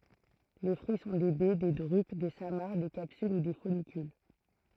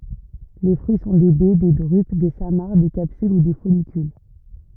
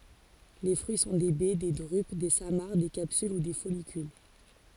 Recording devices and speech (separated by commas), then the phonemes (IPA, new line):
throat microphone, rigid in-ear microphone, forehead accelerometer, read sentence
le fʁyi sɔ̃ de bɛ de dʁyp de samaʁ de kapsyl u de fɔlikyl